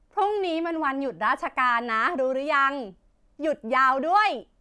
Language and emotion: Thai, happy